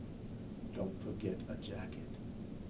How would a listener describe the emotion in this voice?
neutral